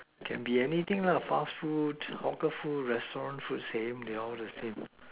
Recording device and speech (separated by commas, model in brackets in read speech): telephone, conversation in separate rooms